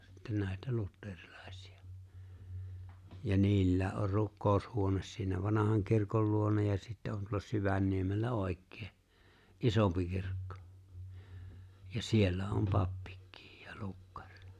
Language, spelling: Finnish, sitten näitä luterilaisia ja niillä on rukoushuone siinä vanhan kirkon luona ja sitten on tuolla Syvänniemellä oikein isompi kirkko ja siellä on pappikin ja lukkari
- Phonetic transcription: sitten nä̀etä 'lutterilᴀ̀ᴇsɪ₍ᴀ , ja 'niillä̀e ’or 'rukkòu̬shuones siinä "vanahaŋ 'kirkol luona ja sittä on 'tuolla 'Syvänniemellä "’òek̆kee , "’isòmpi 'kirkkᴏ , ja "siellä 'om "pappik̆kɪɪ ja 'lukkᴀʀ .

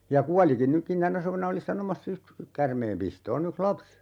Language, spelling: Finnish, ja kuolikin nytkin tänä suvena olin sanomassa just käärmeenpistoon yksi lapsi
- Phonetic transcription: ja "kualikin 'nykkin 'tänä suvena oli 'sanomassa ("just) , 'kärmeempistoo'n ‿yks "laps .

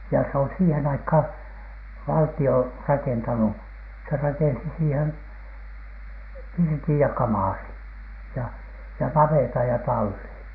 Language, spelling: Finnish, ja se on siihen aikaan valtio rakentanut se rakensi siihen pirtin ja kamarin ja ja navetan ja tallin
- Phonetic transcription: ja se on siihen aikhàn , "valti₍o "rakentanu , se rakensi siihen , "pirtij ja "kamàrin , ja ja "navètaj ja "tallin .

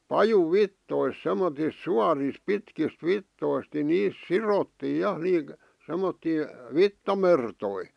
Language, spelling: Finnish, pajunvitsoista semmoisista suorista pitkistä vitsoista niin niistä sidottiin ja semmoisia vitsamertoja
- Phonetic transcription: 'pajuv"vittois semmotis "suaris "pitkist "vittoist ni 'niis "sirottii 'ja semmottii , "vitta'mertoi .

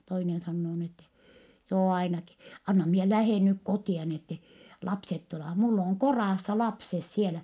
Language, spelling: Finnish, toinen sanoo niin että joo ainakin anna minä lähden nyt kotia niin että lapset tulevat minulla on kodassa lapset siellä
- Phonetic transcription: toinen sannoo ni ‿ettɛ » joo ainaki , anna mie lähèn nyk kotia ni ‿ette , lapset tulevah - mull ‿òŋ koràssa lapses sielä . »

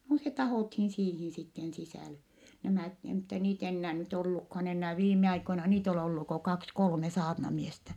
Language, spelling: Finnish, no se tahdottiin siihen sitten sisälle nämä - mutta niitä enää nyt ollutkaan enää viime aikoina niitä on ollut kuin kaksi kolme saarnamiestä
- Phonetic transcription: no se tahòthin siihin sitten sisä̀le , nämä̀t e- mutta niit ‿ennää nyt ollukhan ennää viim̆me₍aikoina niit ‿ol ‿ollu ko kaks kolme saarnamiestä .

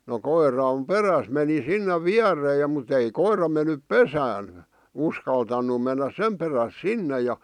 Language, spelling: Finnish, no koiran perässä meni sinne viereen ja mutta ei koira mennyt pesään uskaltanut mennä sen perässä sinne ja
- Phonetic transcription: no 'koir̀am "peräs meni 'sinne 'viärree ja mut ‿ei 'koir̀a men̆nyp "pesään̬ , 'uskaltannu mennäs 'sem peräs "sinne ja , .

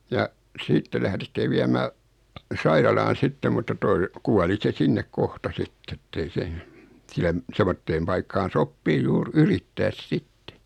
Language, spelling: Finnish, ja sitten lähdettiin viemään sairaalaan sitten mutta tuo kuoli se sinne kohta sitten että ei se siellä semmoiseen paikkaan sopii juuri yrittää sitten
- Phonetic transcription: ja , 'siitte lähðetti 'viämää , "sairalaan̬ 'sitte mutta 'toi , 'kuali se 'sinnek 'kohta 'sitt ‿ettei 'se , sieläm , 'semmotteem paikkaan̬ "soppii 'juur "yrittääs "sitte .

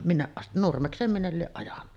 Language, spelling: Finnish, minne - Nurmekseen minne lie ajanut
- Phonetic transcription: minneˀ ˀast- , "Nurmekseem 'minnel lieˀ ˀajanna .

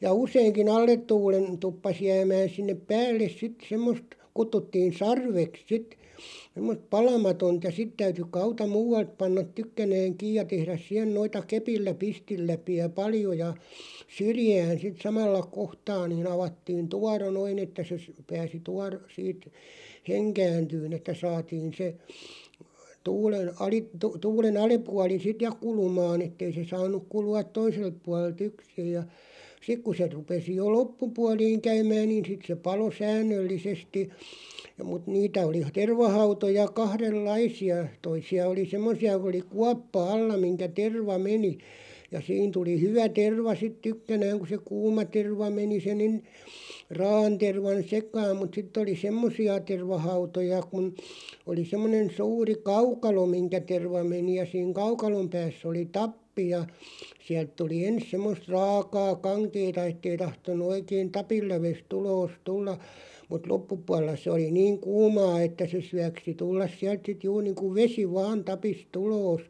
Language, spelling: Finnish, ja useinkin alle tuulen tuppasi jäämään sinne päälle sitten semmoista kutsuttiin sarveksi sitten semmoista palamatonta ja sitten täytyi hauta muualta panna tykkänään kiinni ja tehdä siihen noita kepillä pistinläpiä paljon ja syrjään sitten samalla kohtaa niin avattiin tuoro noin että se se pääsi - siitä henkääntymään että saatiin se tuulen - - tuulen alapuoli sitten ja kulumaan että ei se saanut kulua toiselta puolelta yksin ja sitten kun se rupesi jo loppupuoliin käymään niin sitten se paloi säännöllisesti ja mutta niitä oli tervahautoja kahdenlaisia toisia oli semmoisia kun oli kuoppa alla mihin terva meni ja siinä tuli hyvä terva sitten tykkänään kun se kuuma terva meni se niin raa'an tervan sekaan mutta sitten oli semmoisia tervahautoja kun oli semmoinen suuri kaukalo mihin terva meni ja siinä kaukalon päässä oli tappi ja sieltä tuli ensin semmoista raakaa kankeaa että ei tahtonut oikein tapinlävestä ulos tulla mutta loppupuolella se oli niin kuumaa että se syöksi tulla sieltä sitten juuri niin kuin vesi vain tapista ulos
- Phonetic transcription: ja 'useiŋki"n ‿allet 'tuulen 'tuppas 'jäämään̬ sinnep "päälles 'sit 'semmost , 'kuttuttiin̬ "sarveks 'sit , semmo(s)t "palamatont ja 'sit täyty 'k̳§auta "muu₍alt 'pannat "tykkänääŋ 'kiij ja 'tehräs 'si(h)en noita "kepillä 'pistilläpi₍ä "paljo ja , "syrjään̬ sit "samalla 'kohtaa nii'n ‿avattiin "tuaro 'noin ‿että se sə , 'pääsi "tuar- , siit , "heŋkääntyyn ‿että 'saatiin se , 'tuulen aliᵖ- , tu- 'tuulen ‿"ali'puali 'sit "ja 'kulumaan ‿ettei se 'saanuk 'kulu₍at "toiselt 'pualel"t ‿yksij ja , 'sik ku se 'rupesi jo "loppupualiiŋ 'käymään niin sit se 'palo "säännöllisesti , (ja) mut 'niitä oli 'tervahautoja 'kahrel"laisi₍a , 'toisi₍a oli "semmosi₍a ku oli "kuappa 'alla miŋkä 'terva 'meni , ja 'siin tuli "hyvä 'terva sit 'tykkänääŋ ku se "kuuma 'terva meni se nin , 'raa₍an tervan "sek̀aam mut 'sit̆§t ‿oli "semmosi₍a 'tervahautoja kun , oli 'semmonen 'suuri "kaukalo 'miŋkä 'terva meni ja siiŋ "kaukalom pääss ‿oli "tappi ja , 'siält tuli "ens 'semmost 'raakaa "kaŋkeeta ettei 'tahton̆§nu 'oikein "tapil'läves't ‿uloos 'tulla , mut "loppupuaˡᵉlla se oli "niiŋ 'kuumaa että se 'syäksi 'tullas siält sit 'juur niiŋku "vesi 'vaan 'tapis't ‿uloos .

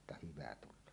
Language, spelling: Finnish, minä että hyvä tulee
- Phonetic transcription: minä että "hyvä tul̆loo .

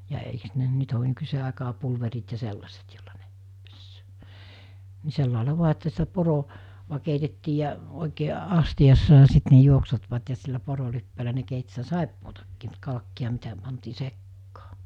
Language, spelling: Finnish, ja eikös ne nyt ole nykyiseen aikaan pulverit ja sellaiset jolla ne pesee niin sillä lailla vain että sitä - poroa keitettiin ja oikein astiassa ja sitten ne juoksuttivat ja sillä porolipeällä ne keitti sitä saippuaakin mutta kalkkia mitä pantiin sekaan
- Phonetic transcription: ja eiks ne 'nyt ‿o(n) 'nykysee àekaa 'pulverit ja 'sellaset jolla ne , ('pessöö,) ni 'sellàela 'vua että sitä 'poro- , -va keitettii ja , òikee , 'astiʲassa ja 'sit ne 'juoksutvat ja sillä 'porolippeelä ne keit sitä "sàippootakkɪɪ mut 'kalkki₍a mitä , pantii "sekkaa .

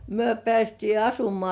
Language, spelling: Finnish, me päästiin asumaan
- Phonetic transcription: myö pĕä̀§stii "asumŏà .

